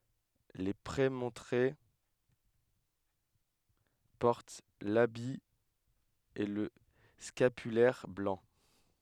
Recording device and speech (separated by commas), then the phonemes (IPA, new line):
headset microphone, read sentence
le pʁemɔ̃tʁe pɔʁt labi e lə skapylɛʁ blɑ̃